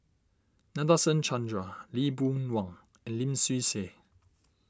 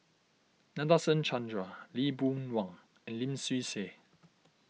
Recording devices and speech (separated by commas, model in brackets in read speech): standing microphone (AKG C214), mobile phone (iPhone 6), read sentence